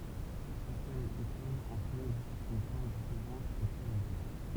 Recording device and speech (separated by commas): temple vibration pickup, read sentence